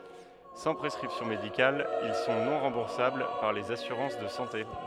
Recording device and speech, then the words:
headset microphone, read sentence
Sans prescription médicale, ils sont non remboursables par les assurances de santé.

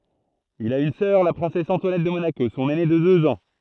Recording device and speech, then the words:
throat microphone, read sentence
Il a une sœur, la princesse Antoinette de Monaco, son aînée de deux ans.

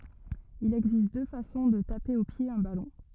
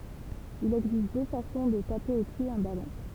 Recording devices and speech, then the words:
rigid in-ear microphone, temple vibration pickup, read sentence
Il existe deux façons de taper au pied un ballon.

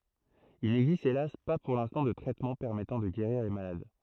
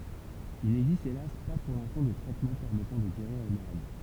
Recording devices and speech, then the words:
throat microphone, temple vibration pickup, read sentence
Il n'existe hélas pas pour l'instant de traitement permettant de guérir les malades.

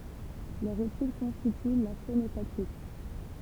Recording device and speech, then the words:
temple vibration pickup, read sentence
Leur étude constitue la phonotactique.

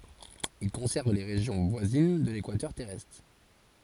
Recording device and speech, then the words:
forehead accelerometer, read sentence
Il concerne les régions voisines de l'équateur terrestre.

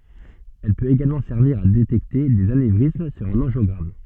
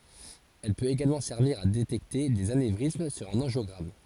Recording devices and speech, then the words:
soft in-ear microphone, forehead accelerometer, read sentence
Elle peut également servir à détecter des anévrismes sur un angiogramme.

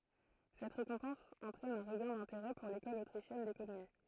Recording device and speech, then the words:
throat microphone, read sentence
Cette récompense entraîne un regain d'intérêt pour l'école autrichienne d'économie.

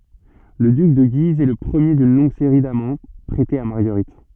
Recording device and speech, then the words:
soft in-ear microphone, read sentence
Le duc de Guise est le premier d’une longue série d'amants prêtés à Marguerite.

